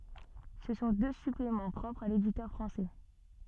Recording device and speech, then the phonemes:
soft in-ear microphone, read sentence
sə sɔ̃ dø syplemɑ̃ pʁɔpʁz a leditœʁ fʁɑ̃sɛ

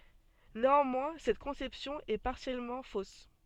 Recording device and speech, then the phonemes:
soft in-ear microphone, read sentence
neɑ̃mwɛ̃ sɛt kɔ̃sɛpsjɔ̃ ɛ paʁsjɛlmɑ̃ fos

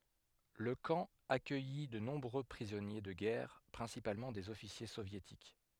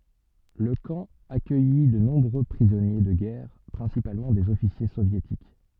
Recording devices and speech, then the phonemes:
headset microphone, soft in-ear microphone, read sentence
lə kɑ̃ akœji də nɔ̃bʁø pʁizɔnje də ɡɛʁ pʁɛ̃sipalmɑ̃ dez ɔfisje sovjetik

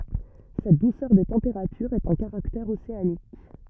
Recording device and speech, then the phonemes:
rigid in-ear microphone, read sentence
sɛt dusœʁ de tɑ̃peʁatyʁz ɛt œ̃ kaʁaktɛʁ oseanik

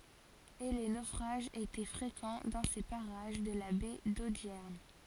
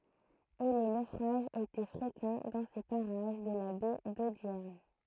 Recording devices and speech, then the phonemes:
forehead accelerometer, throat microphone, read sentence
e le nofʁaʒz etɛ fʁekɑ̃ dɑ̃ se paʁaʒ də la bɛ dodjɛʁn

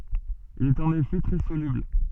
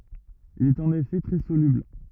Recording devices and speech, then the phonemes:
soft in-ear microphone, rigid in-ear microphone, read sentence
il i ɛt ɑ̃n efɛ tʁɛ solybl

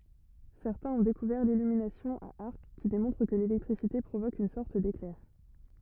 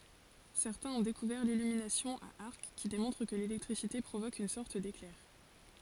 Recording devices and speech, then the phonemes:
rigid in-ear microphone, forehead accelerometer, read sentence
sɛʁtɛ̃z ɔ̃ dekuvɛʁ lilyminasjɔ̃ a aʁk ki demɔ̃tʁ kə lelɛktʁisite pʁovok yn sɔʁt deklɛʁ

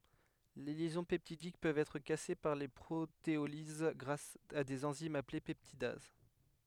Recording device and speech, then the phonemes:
headset microphone, read sentence
le ljɛzɔ̃ pɛptidik pøvt ɛtʁ kase paʁ pʁoteoliz ɡʁas a dez ɑ̃zimz aple pɛptidaz

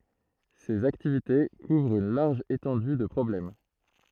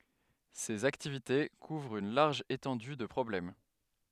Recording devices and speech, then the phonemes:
throat microphone, headset microphone, read sentence
sez aktivite kuvʁt yn laʁʒ etɑ̃dy də pʁɔblɛm

